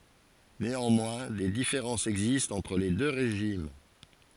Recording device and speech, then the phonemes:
forehead accelerometer, read sentence
neɑ̃mwɛ̃ de difeʁɑ̃sz ɛɡzistt ɑ̃tʁ le dø ʁeʒim

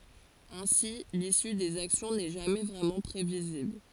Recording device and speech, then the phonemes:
forehead accelerometer, read sentence
ɛ̃si lisy dez aksjɔ̃ nɛ ʒamɛ vʁɛmɑ̃ pʁevizibl

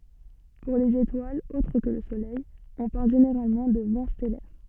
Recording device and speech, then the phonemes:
soft in-ear microphone, read sentence
puʁ lez etwalz otʁ kə lə solɛj ɔ̃ paʁl ʒeneʁalmɑ̃ də vɑ̃ stɛlɛʁ

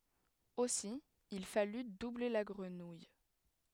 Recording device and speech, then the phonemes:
headset microphone, read sentence
osi il faly duble la ɡʁənuj

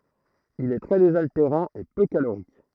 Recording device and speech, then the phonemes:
throat microphone, read sentence
il ɛ tʁɛ dezalteʁɑ̃ e pø kaloʁik

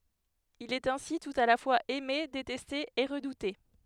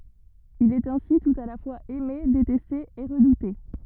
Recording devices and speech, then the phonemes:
headset microphone, rigid in-ear microphone, read sentence
il ɛt ɛ̃si tut a la fwaz ɛme detɛste e ʁədute

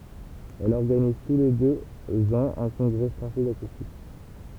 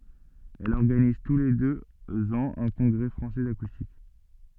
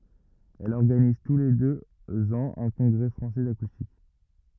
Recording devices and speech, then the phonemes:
temple vibration pickup, soft in-ear microphone, rigid in-ear microphone, read sentence
ɛl ɔʁɡaniz tu le døz ɑ̃z œ̃ kɔ̃ɡʁɛ fʁɑ̃sɛ dakustik

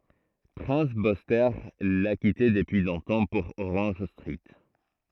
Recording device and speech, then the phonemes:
throat microphone, read sentence
pʁɛ̃s byste la kite dəpyi lɔ̃tɑ̃ puʁ oʁɑ̃ʒ stʁit

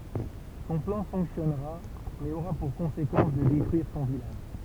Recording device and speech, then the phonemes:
temple vibration pickup, read sentence
sɔ̃ plɑ̃ fɔ̃ksjɔnʁa mɛz oʁa puʁ kɔ̃sekɑ̃s də detʁyiʁ sɔ̃ vilaʒ

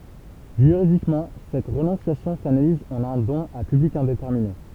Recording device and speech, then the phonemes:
temple vibration pickup, read sentence
ʒyʁidikmɑ̃ sɛt ʁənɔ̃sjasjɔ̃ sanaliz ɑ̃n œ̃ dɔ̃n a pyblik ɛ̃detɛʁmine

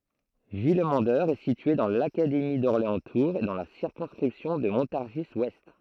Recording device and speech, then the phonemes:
throat microphone, read sentence
vilmɑ̃dœʁ ɛ sitye dɑ̃ lakademi dɔʁleɑ̃stuʁz e dɑ̃ la siʁkɔ̃skʁipsjɔ̃ də mɔ̃taʁʒizwɛst

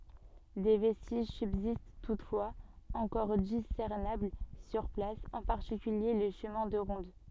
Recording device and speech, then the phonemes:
soft in-ear microphone, read sentence
de vɛstiʒ sybzist tutfwaz ɑ̃kɔʁ disɛʁnabl syʁ plas ɑ̃ paʁtikylje lə ʃəmɛ̃ də ʁɔ̃d

